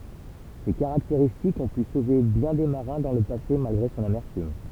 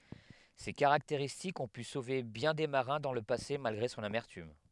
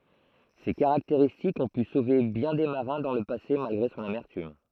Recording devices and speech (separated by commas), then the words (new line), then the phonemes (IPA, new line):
temple vibration pickup, headset microphone, throat microphone, read sentence
Ces caractéristiques ont pu sauver bien des marins dans le passé malgré son amertume.
se kaʁakteʁistikz ɔ̃ py sove bjɛ̃ de maʁɛ̃ dɑ̃ lə pase malɡʁe sɔ̃n amɛʁtym